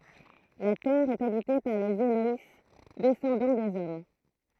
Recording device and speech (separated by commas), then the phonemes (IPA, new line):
throat microphone, read sentence
la tɛʁ ɛt abite paʁ lez elɔj dɛsɑ̃dɑ̃ dez ɔm